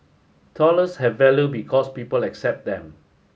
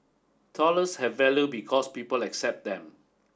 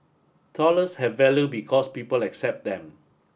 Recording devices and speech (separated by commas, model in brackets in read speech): mobile phone (Samsung S8), standing microphone (AKG C214), boundary microphone (BM630), read sentence